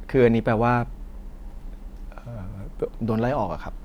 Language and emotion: Thai, frustrated